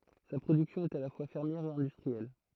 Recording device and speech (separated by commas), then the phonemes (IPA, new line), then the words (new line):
throat microphone, read sentence
sa pʁodyksjɔ̃ ɛt a la fwa fɛʁmjɛʁ e ɛ̃dystʁiɛl
Sa production est à la fois fermière et industrielle.